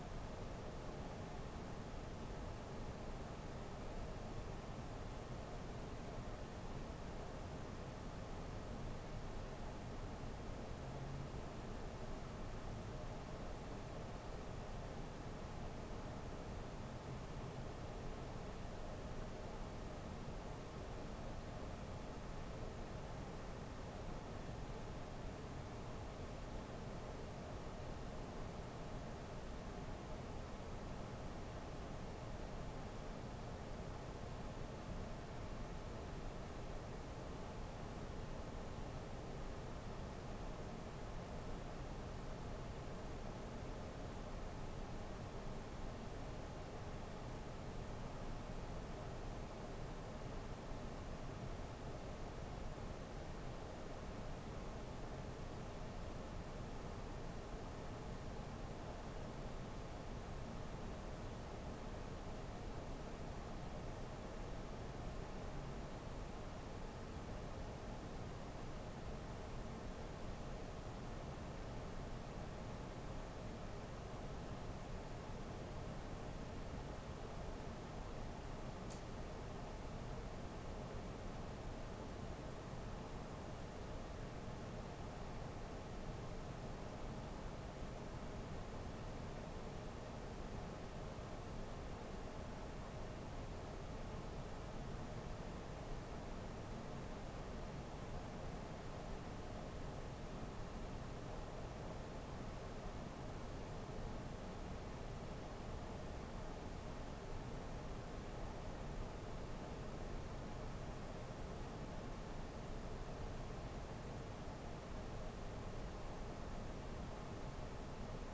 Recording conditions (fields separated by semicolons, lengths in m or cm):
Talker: no one; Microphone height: 1.1 m; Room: small (3.7 m by 2.7 m); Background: none